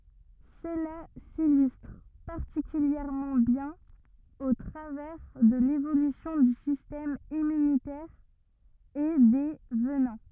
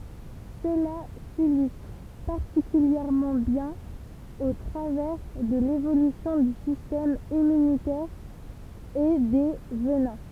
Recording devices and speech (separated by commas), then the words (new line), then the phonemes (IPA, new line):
rigid in-ear microphone, temple vibration pickup, read sentence
Cela s'illustre particulièrement bien au travers de l'évolution du système immunitaire et des venins.
səla silystʁ paʁtikyljɛʁmɑ̃ bjɛ̃n o tʁavɛʁ də levolysjɔ̃ dy sistɛm immynitɛʁ e de vənɛ̃